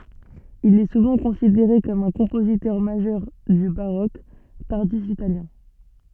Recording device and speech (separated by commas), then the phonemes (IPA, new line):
soft in-ear microphone, read sentence
il ɛ suvɑ̃ kɔ̃sideʁe kɔm œ̃ kɔ̃pozitœʁ maʒœʁ dy baʁok taʁdif italjɛ̃